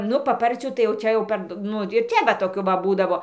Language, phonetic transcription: Lithuanian, ˈnu paˈparcių tai jau ˈčia jau ˈpard ˈnu ir ˈčia ˈva toˈkių va ˈbūdavo

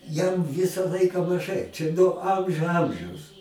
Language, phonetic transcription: Lithuanian, jam ˈvisa ˈlaika maˈžai čia no ˈamžiu ˈamžiaus

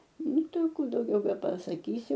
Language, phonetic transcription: Lithuanian, ˈnu ˈtai a ˈkų dauˈgiau bepasaˈkysi

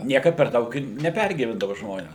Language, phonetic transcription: Lithuanian, ˈniekad per ˈdaug ir neˈpergyvendava ˈžmones

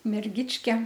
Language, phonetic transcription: Lithuanian, merˈgičke

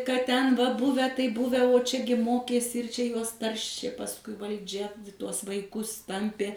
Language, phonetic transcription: Lithuanian, kad ˈten va ˈbuve ˈtai ˈbuve o ˈčiagi ˈmokėsi ir ˈčia ˈjuos ˈtaršė pasˈkui valˈdžia ˈtuos vaiˈkus ˈtampė

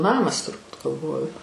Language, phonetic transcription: Lithuanian, ˈnamas turˈbūt galˈvoju

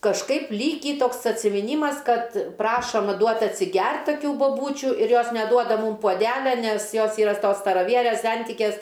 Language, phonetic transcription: Lithuanian, kažˈkaip ˈlykį ˈtoks atsimiˈnymas ˈkad ˈprašom ˈduot atsiˈgert taˈkių boˈbūčiu ir ˈjos neˈduoda ˈmūm puoˈdelia nes ˈjos ˈyra s ˈtos staraˈvierės ˈsentikės

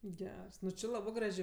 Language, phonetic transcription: Lithuanian, ˈgers ˈnu či ˈlabɜ ˈgražė

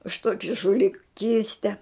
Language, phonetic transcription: Lithuanian, už ˈtuoki žuliˈkyste

